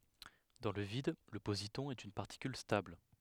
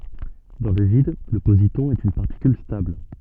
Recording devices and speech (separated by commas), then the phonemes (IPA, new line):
headset microphone, soft in-ear microphone, read sentence
dɑ̃ lə vid lə pozitɔ̃ ɛt yn paʁtikyl stabl